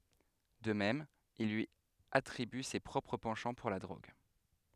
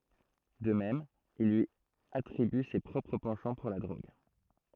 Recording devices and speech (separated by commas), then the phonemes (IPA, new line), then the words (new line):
headset microphone, throat microphone, read sentence
də mɛm il lyi atʁiby se pʁɔpʁ pɑ̃ʃɑ̃ puʁ la dʁoɡ
De même, il lui attribue ses propres penchants pour la drogue.